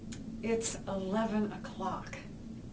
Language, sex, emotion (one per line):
English
female
disgusted